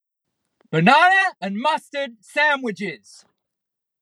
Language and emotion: English, disgusted